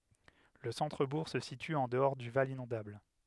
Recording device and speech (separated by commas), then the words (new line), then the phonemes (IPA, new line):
headset microphone, read sentence
Le centre-bourg se situe en dehors du val inondable.
lə sɑ̃tʁəbuʁ sə sity ɑ̃ dəɔʁ dy val inɔ̃dabl